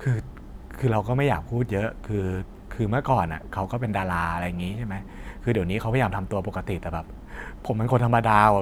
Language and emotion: Thai, frustrated